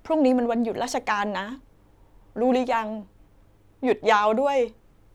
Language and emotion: Thai, sad